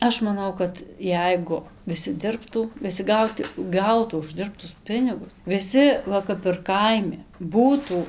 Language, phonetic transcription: Lithuanian, ˈaš maˈnau kad ˈjeigu viˈsi ˈdirbtų viˈsi ˈgaut ˈgautų užˈdirbtus ˈpinigus viˈsi ˈva ˈkap ir kaiˈmi ˈbūtų

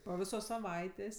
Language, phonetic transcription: Lithuanian, po ˈvisos saˈvaitės'

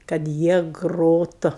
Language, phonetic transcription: Lithuanian, kad ˈjie ˈgrotu

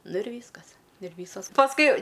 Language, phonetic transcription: Lithuanian, ˈnu ir ˈvyskas ir ˈvysos pasˈkui

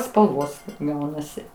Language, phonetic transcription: Lithuanian, spalˈvos ˈgaunasi

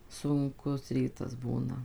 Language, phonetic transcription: Lithuanian, sunˈkus ˈrytas ˈbūna

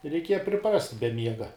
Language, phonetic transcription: Lithuanian, reiˈkieja priˈprast' be ˈmiega

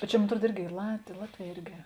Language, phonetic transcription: Lithuanian, bet ˈčia mon atˈruod ˈirgi ˈy lat ˈlatˌvē ˈirgi

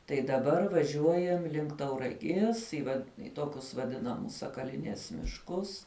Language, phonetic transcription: Lithuanian, tai daˈbar vaˈžiuojam link tauraˈgies i vad i ˈtokius vaˈdinamus sakaˈlinies mišˈkus

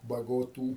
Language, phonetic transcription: Lithuanian, bagoˈtų

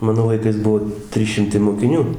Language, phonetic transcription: Lithuanian, ˈmano laiˈkais ˈbuo ˈtrys ˈšimtai mokiˈnių

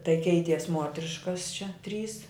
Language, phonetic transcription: Lithuanian, tai ˈkeities ˈmuotriškas čia ˈtrys

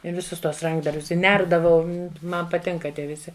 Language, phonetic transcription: Lithuanian, i viˈsus ˈtuos ˈrankdarbius i ˈnerdavau ˈman paˈtinka ˈtie viˈsi

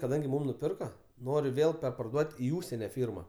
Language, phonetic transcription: Lithuanian, kaˈdangi ˈmūm nuˈpirka ˈnori ˈvėl perparˈduot' i ˈūžsene ˈfyrma

